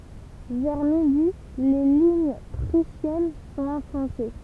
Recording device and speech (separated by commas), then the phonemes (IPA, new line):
temple vibration pickup, read sentence
vɛʁ midi le liɲ pʁysjɛn sɔ̃t ɑ̃fɔ̃se